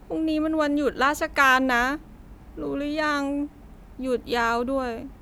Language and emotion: Thai, frustrated